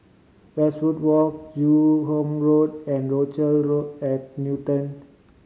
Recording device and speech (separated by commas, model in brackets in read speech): mobile phone (Samsung C5010), read sentence